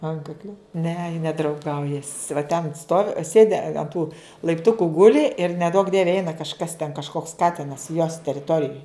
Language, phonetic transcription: Lithuanian, ˈankaklia ne ji nedrauˈgaujas va ten stov ˈsėdi an tų laipˈtuku ˈguli ir neˈduok ˈdieve ˈeina kažˈkas ten kažˈkoks ˈkatinas jos teriˈtorijoj

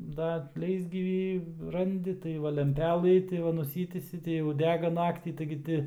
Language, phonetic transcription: Lithuanian, da ˈleisgyvį ˈrandi tai ˈva lemˈpelɨ tai ˈva nuˈsytįsi tai jau ˈdega ˈnaktį taigi ˈti

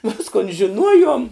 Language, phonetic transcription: Lithuanian, ˈviskon žiˈnuojuom

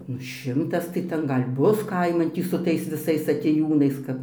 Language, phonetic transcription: Lithuanian, ˈnu ˈšimtas tai ˈten ˈgal' ˈbus ˈkaiman ˈtį su ˈtais viˈsais atėˈjūnais kap

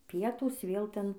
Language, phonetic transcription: Lithuanian, ˈpietūs vėl ˈten

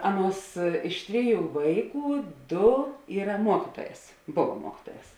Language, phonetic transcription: Lithuanian, ˈaˌnuos ˈiš tˈriˌjų ˈvaiˌkų ˈdo ˈyra ˈmuokytuoˌjēs ˈbova ˈmuokytuoˌjēs

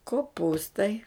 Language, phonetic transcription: Lithuanian, koˈpūstai

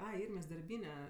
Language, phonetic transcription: Lithuanian, ˈai ˈirmės darˈbyne

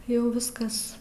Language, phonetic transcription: Lithuanian, ˈjau ˈviskas

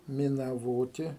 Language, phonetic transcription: Lithuanian, minaˈvoti

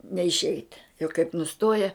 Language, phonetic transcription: Lithuanian, neišˈeit jau kaip nuˈstoja

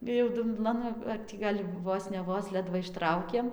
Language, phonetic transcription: Lithuanian, ir jau dumˈblan ar ˈtį gal' ˈvos ne ˈvos ˈledva išˈtraukėm

